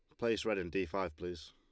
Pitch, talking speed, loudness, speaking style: 95 Hz, 275 wpm, -37 LUFS, Lombard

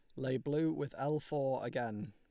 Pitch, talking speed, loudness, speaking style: 135 Hz, 190 wpm, -37 LUFS, Lombard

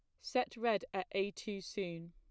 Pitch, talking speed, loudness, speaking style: 200 Hz, 190 wpm, -39 LUFS, plain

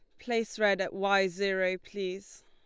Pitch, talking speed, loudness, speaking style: 195 Hz, 160 wpm, -30 LUFS, Lombard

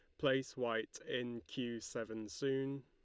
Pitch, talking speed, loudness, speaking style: 120 Hz, 135 wpm, -41 LUFS, Lombard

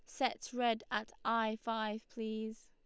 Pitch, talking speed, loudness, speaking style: 220 Hz, 145 wpm, -38 LUFS, Lombard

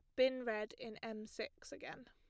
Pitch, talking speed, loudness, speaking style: 225 Hz, 190 wpm, -43 LUFS, plain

